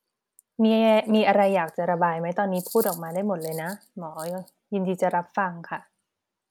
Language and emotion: Thai, neutral